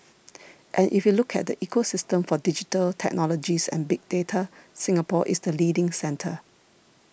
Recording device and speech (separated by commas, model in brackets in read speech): boundary microphone (BM630), read sentence